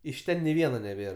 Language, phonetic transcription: Lithuanian, iš ˈten ni ˈviena neˈbėr

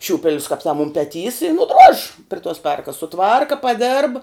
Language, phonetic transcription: Lithuanian, ˈšiūpelius kap tam um peˈtys i nuˈdrož' pri tos ˈperkas suˈtvarka paˈdėrb

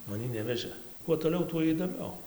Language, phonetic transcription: Lithuanian, maˈnį ˈnevežɘ kuo toˈliau tuo įdoˈmiau

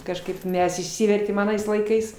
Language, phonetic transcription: Lithuanian, kažˈkaip ˈmes išˈsivertėm aˈnais laiˈkais

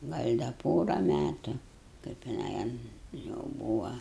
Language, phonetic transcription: Lithuanian, ˈgal' da ˈpora ˈmætu kaip jiˈnai an jau ˈbūva

